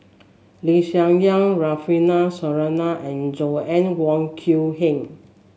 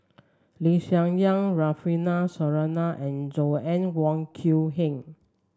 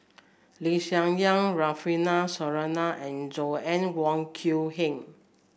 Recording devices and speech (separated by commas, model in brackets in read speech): mobile phone (Samsung S8), standing microphone (AKG C214), boundary microphone (BM630), read sentence